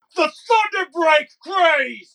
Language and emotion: English, angry